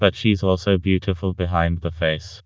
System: TTS, vocoder